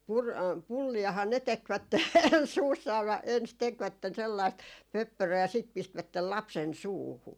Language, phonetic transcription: Finnish, pur- , "pulli₍ahaa ne 'tekvätte "suussaa vä- , ens 'tekvätten sellaist "pöppöröö ja sit 'pistvättel 'lapsen "suuhu .
- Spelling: - pulliahan ne tekivät suussaan - ensin tekivät sellaista pöppöröä ja sitten pistivät lapsen suuhun

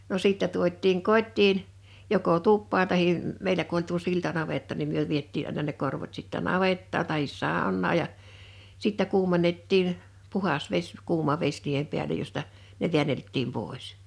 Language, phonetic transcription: Finnish, no 'sìttä 'tuot̆tiiŋ "kot́tiin , joko "tuppaan tahi , m-'meilä ku ‿oĺ tuo 'siltanavetta nim 'myö 'viettii àina ne 'korvot sittä "navettaaɴ tahis "sàonnaa j̀a , 'sittä 'kuumen̆nettiin , "puhas 'veś 'kuuma ves niihem 'piälej josta , ne 'vi̬änelttim 'pòis .
- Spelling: no sitten tuotiin kotiin joko tupaan tai meillä kun oli tuo siltanavetta niin me vietiin aina ne korvot sitten navettaan tai saunaan ja sitten kuumennettiin puhdas vesi kuuma vesi niiden päälle josta ne väänneltiin pois

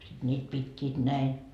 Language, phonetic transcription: Finnish, sit 'ńiit 'pit́t́iit 'näi .
- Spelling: sitten niitä pitivät näin

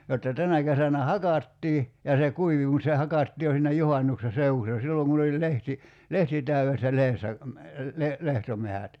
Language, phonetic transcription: Finnish, jotta 'tänä kesänä "hakattii , ja se 'kuivi mut se 'hakattii jo siinä "juhannukse "seu₍ussa 'silloŋ kun ‿oĺ 'lehti , "lehti täy₍essä 'lehessä , le- , 'lehtomehät .
- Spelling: jotta tänä kesänä hakattiin ja se kuivui mutta se hakattiin jo siinä juhannuksen seudussa silloin kun oli lehti lehti täydessä lehdessä - lehtometsät

